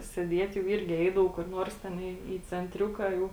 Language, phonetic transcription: Lithuanian, sėˈdiet' jau ˈirgi ˈeidavau kur ˈnuors ˈten į į cenˈtriuka jau

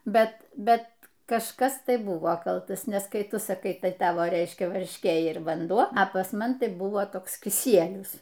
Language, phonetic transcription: Lithuanian, ˈbet ˈbet kažˈkas ˈtai ˈbuvo ˈkaltas nes ˈkai ˈtu saˈkai ˈtai ˈtavo ˈreiškia varšˈkė ir vanˈduo a pas ˈman ˈtai ˈbuvo ˈtoks kiˈsielius

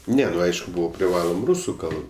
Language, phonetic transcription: Lithuanian, ˈne nu ˈaišku ˈbūva priˈvalom ˈrūsu ˈkalb

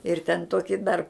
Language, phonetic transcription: Lithuanian, ir ten ˈtoki dar

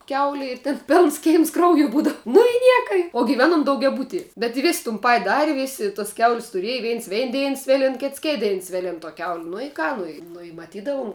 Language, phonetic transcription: Lithuanian, ˈkiauli ir tėn ˈpėlns ˈkeims ˈkrauju ˈbūdav nu i ˈnieka i o giˈvenom daugiaˈbutie bet i ˈvės tun ˈpat' ˈdari ˈvėsi tos ˈkiaul's' tuˈriej ˈviens ˈvein ˈdein ˈsvėlin ˈkits ˈkėt ˈdein ˈsvėlin to kiaul' nu i ˈką ˈnu i ˈnu i maˈtydavum

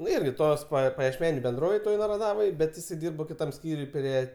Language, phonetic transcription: Lithuanian, ˈnu ˈirgi ˈtos pa pajiešˈmeniu benˈdrovėj ˈtoj naraˈdavoj ˈbet iˈsai ˈdyrba kiˈtam ˈskyriuj ˈprie

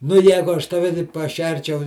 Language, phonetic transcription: Lithuanian, nu ˈjegu ˈaš taˈve taip paˈšerčiau

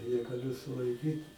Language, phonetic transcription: Lithuanian, negaˈliu sulaiˈkyt

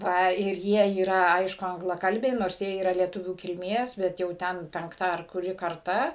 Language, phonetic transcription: Lithuanian, ˈva ir ˈjie yˈra ˈaišku anglaˈkalbiai ˈnors ˈjie yˈra lieˈtuvių kilˈmės ˈbet jau ˈten penkˈtą ar kuˈri karˈta

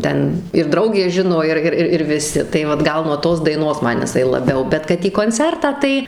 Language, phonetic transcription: Lithuanian, ˈten ir ˈdraugė ˈžino ˈir ˈir ir viˈsi tai ˈvat ˈgal nuo ˈtos daiˈnos ˈman jiˈsai laˈbiau ˈbet kad į konˈcertą ˈtai

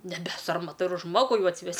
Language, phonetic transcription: Lithuanian, neˈbe ˈsarmata ir ˈžmogu ˈjau atsiˈves'

